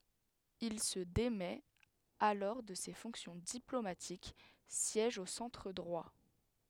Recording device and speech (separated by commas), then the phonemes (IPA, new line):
headset microphone, read sentence
il sə demɛt alɔʁ də se fɔ̃ksjɔ̃ diplomatik sjɛʒ o sɑ̃tʁ dʁwa